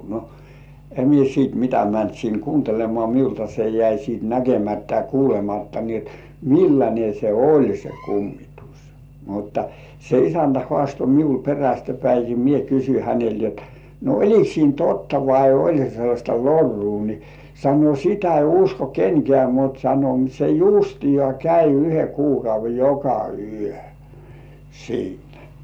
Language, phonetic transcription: Finnish, no , 'em mie siit mitä mänt sin "kuuntelemŏà 'miulta se jäi siit "näkemättä ja 'kuulematta ni et , "milläńe se "oĺ se 'kummitus , mutta se "isäntä hŏàsto miul 'perästä päiki "mie kysy 'hänelt jot , » no "oĺik siin "totta vai "oĺ se sellaśta "lorruu « ni , sano » "sitä 'ei usko "kenkĕä̀ « mut sano » se "jùstijŏà 'käi yhe 'kuukauve "joka "yö , 'siinᴀ̈ « .
- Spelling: no en minä sitten mitä mennyt sinne kuuntelemaan minulta se jäi sitten näkemättä ja kuulematta niin että millainen se oli se kummitus mutta se isäntä haastoi minulle perästä päin minä kysyin häneltä jotta no oliko siinä totta vai oli se sellaista lorua niin sanoi sitä ei usko kenkään mutta sanoi se justiaan kävi yhden kuukauden joka yö siinä

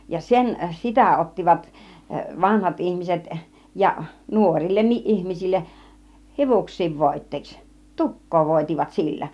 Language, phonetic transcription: Finnish, ja "sen , 'sitä ottivat , "vanhat 'ihmiset ja , "nuorillenniiˀ "ˀihmisilleˀ , "hivuks̆siiv 'vòit̆teeks , "tuk̆koo 'vòit͕ivat sillä .
- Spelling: ja sen sitä ottivat vanhat ihmiset ja nuorillekin ihmisille hiuksiin voiteeksi tukkaa voitivat sillä

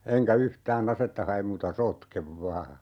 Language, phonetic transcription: Finnish, 'eŋkä "yhtää'n ‿asetta 'ha₍em muuta "sotkev 'vaa .
- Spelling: enkä yhtään asetta hae muuta sotken vain

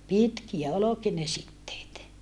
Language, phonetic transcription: Finnish, pitkiä oloki ne sitteet .
- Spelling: pitkiä olikin ne siteet

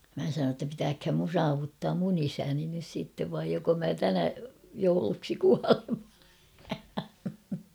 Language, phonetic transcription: Finnish, mä sanoo ‿tta pitääkhäm mun "saavuttaam mun ‿'isäni nys sìttev vaij joko mä 'tänä , jouluksi 'kualen̬ .
- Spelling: minä sanoin jotta pitääköhän minun saavuttaa minun isäni nyt sitten vai joko minä tänä jouluksi kuolen

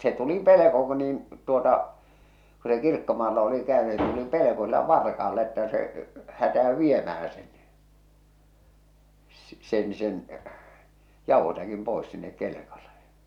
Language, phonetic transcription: Finnish, se tuli 'peleko ᵏ- niin , tuota , ku se 'kirkkomaalla oli käöny se tuli "peleko sillä "varka₍alla että se , 'hätä₍ö "viemähä sen ɴɪ , s- sen sen , 'jàuhosäkim 'pòis sinnek 'kelekale .
- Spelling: se tuli pelko - niin tuota kun se kirkkomaalla oli käynyt se tuli pelko sillä varkaalla että se hätäytyi viemään sen niin - sen sen jauhosäkin pois sinne kelkalle

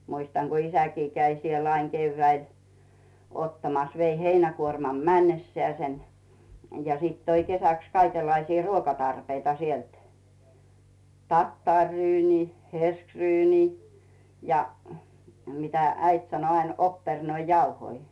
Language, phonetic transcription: Finnish, 'muistaŋ Gu "isäkii käi siel ‿aiŋ 'keyvväil , ottamas , vei 'heinäkuormam "männessᵉääsen , ja sìt 'toi kesäks kaikellaisii "ruokatarpeita sielt , 'tattàŕryynii , 'herskryynii , ja , 'mitä "äit sano ain ‿'oppernoi"jauhoi .
- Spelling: muistan kun isäkin kävi siellä aina keväällä ottamassa vei heinäkuorman mennessään ja sitten toi kesäksi kaikenlaisia ruokatarpeita sieltä tattariryyniä hirssiryyniä ja mitä äiti sanoi aina oppernoijauhoja

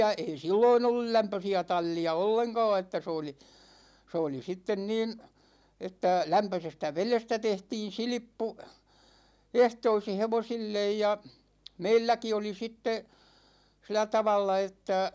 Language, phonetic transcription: Finnish, 'ei "silloin ‿ollul 'lämpösi₍ä 'tal͔l͔i₍a "olleŋka̭a̭ että s ‿ooli , 's ‿ooli 'sitten niin̬ , 'että , 'lämpösestä "velestä 'tehtiin̬ 'silⁱppu , 'ehtoisi "hevosillej ja , 'meilläki oli 'sitte , silä 'tavalla että ,.
- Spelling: ei silloin ollut lämpöisiä tallia ollenkaan että se oli se oli sitten niin että lämpöisestä vedestä tehtiin silppu ehtoisin hevosille ja meilläkin oli sitten sillä tavalla että

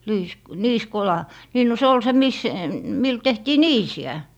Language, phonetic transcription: Finnish, liis- , 'niiskola , nii no 'se ol se 'mis , mil 'tehtii "niisi₍ä .
- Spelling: - niisikola niin no se oli se missä millä tehtiin niisiä

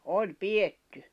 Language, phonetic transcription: Finnish, 'oĺ "piʲetty .
- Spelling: oli pidetty

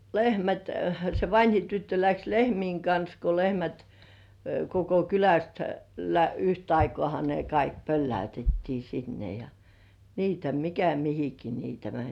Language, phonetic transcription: Finnish, lehmät , se 'vańhi tyttö läks "lehmiiŋ kans ko 'lehmät , koko "kyläst , lä'yht ‿aikŏàha ne "kaik 'pölläytettii sinne ja , niitä "mikä 'mihiki niitä "mäń .
- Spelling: lehmät se vanhin tyttö lähti lehmien kanssa kun lehmät koko kylästä yhtä aikaahan ne kaikki pölläytettiin sinne ja niitä mikä mihinkin niitä meni

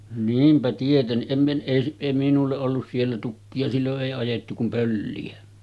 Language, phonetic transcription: Finnish, 'niimpä tietenniˀ 'ˀem mi- , ’ei s- èi 'minulle’ ’ollus siellä 'tukki₍a 'sillo’ ’èi ajettu kum 'pölli₍ä .
- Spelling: niinpä tietenkin en - ei - ei minulle ollut siellä tukkia silloin ei ajettu kuin pölliä

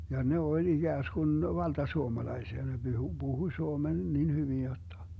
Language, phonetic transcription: Finnish, ja 'ne 'oĺ 'iGääsGun 'valta'suomalaisia ne Byhu , 'Buhuⁱ 'suomen nin 'hyvin jotta .
- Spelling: ja ne oli ikään kuin valtasuomalaisia ne puhui puhui suomen niin hyvin jotta

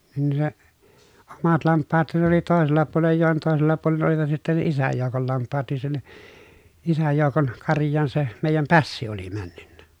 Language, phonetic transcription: Finnish, nin ni se , omat lamppaat(han) ne ‿oli tòesella puolej ja jòen tòesella puolen olivat sittɛ ne isäj jòukol lamppaat niissä ni , isäj jòukon , karj̆jaan se , mèijäm pässi oli männy nnä .
- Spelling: niin niin se omat lampaathan ne oli toisella puolen ja joen toisella puolen olivat sitten ne isän joukon lampaat niissä niin isän joukon karjaan se meidän pässi oli - mennyt

